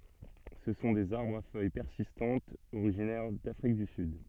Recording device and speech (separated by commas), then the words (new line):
soft in-ear microphone, read sentence
Ce sont des arbres à feuilles persistantes originaires d'Afrique du Sud.